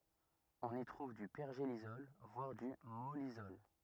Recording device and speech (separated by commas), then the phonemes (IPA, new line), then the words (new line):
rigid in-ear microphone, read sentence
ɔ̃n i tʁuv dy pɛʁʒelisɔl vwaʁ dy mɔlisɔl
On y trouve du pergélisol, voire du mollisol.